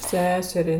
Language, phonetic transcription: Lithuanian, ˈseserei

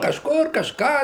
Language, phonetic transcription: Lithuanian, kažˈkur kažˈką

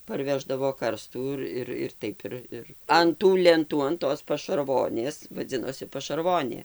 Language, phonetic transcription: Lithuanian, parˈveždavo ˈkarstų ir ˈir ir ˈtaip ir an tų lenˈtų an ˈtos pašarˈvonės vaˈdzinosi pašarˈvonė

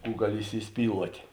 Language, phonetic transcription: Lithuanian, ˈkų ˈgaˌli įsiˈspyluotė

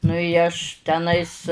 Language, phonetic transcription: Lithuanian, nu i ˈaš teˈnais

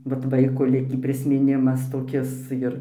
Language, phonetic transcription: Lithuanian, vat ˈvaiko ˈlikį prismiˈnimas toˈkis ˈjir

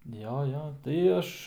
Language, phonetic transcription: Lithuanian, ˈjo ˈjo tai ˈaš

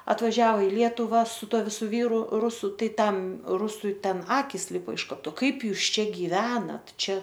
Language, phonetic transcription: Lithuanian, atvaˈžiavo i ˈlietuva su ˈtuo viˈsu ˈvyru ˈrusu ˈtai tam ˈrusui ˈten ˈakis ˈlipo iš ˈko ˈtu ˈkaip ˈjūs ˈčia giˈvenat ˈčia

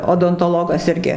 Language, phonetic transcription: Lithuanian, odontoˈlogas ˈirgi

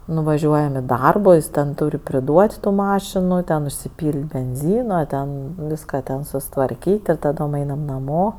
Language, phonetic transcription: Lithuanian, nuvaˈžiuojam i ˈdarbo ˈjis ten ˈtūr' priˈduot' ˈtų ˈmašinu ˈten užsiˈpyl't' benˈzyna ˈten ˈvyska ten susitvarˈkyt' ir taˈdom ˈainam naˈmo

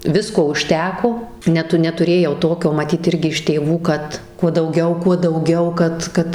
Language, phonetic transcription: Lithuanian, ˈvisko užˈteko ˈnetu netuˈrėjau ˈtokio maˈtyt ˈirgi iš tėˈvų ˈkad kuo dauˈgiau kuo dauˈgiau ˈkad ˈkad

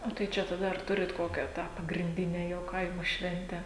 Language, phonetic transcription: Lithuanian, o tai ˈčia taˈda ar ˈturit ˈkokią ˈtą pagrinˈdine jau ˈkaimo ˈšventę

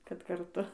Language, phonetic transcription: Lithuanian, kad karˈtu

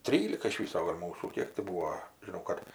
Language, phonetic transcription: Lithuanian, ˈtrylika iš ˈvyso gal' ˈmūsų ˈkiek ti ˈbūo žiˈnau kad

